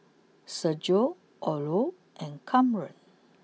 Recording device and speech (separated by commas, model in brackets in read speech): mobile phone (iPhone 6), read sentence